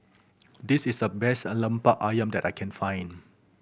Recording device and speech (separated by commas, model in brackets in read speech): boundary microphone (BM630), read sentence